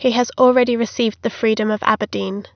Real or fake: real